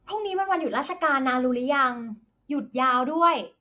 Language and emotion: Thai, happy